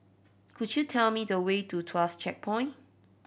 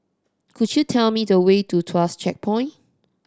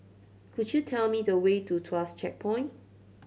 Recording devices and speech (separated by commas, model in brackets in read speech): boundary microphone (BM630), standing microphone (AKG C214), mobile phone (Samsung C7100), read sentence